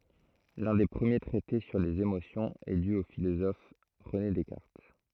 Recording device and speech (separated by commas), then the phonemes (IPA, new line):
throat microphone, read sentence
lœ̃ de pʁəmje tʁɛte syʁ lez emosjɔ̃z ɛ dy o filozɔf ʁəne dɛskaʁt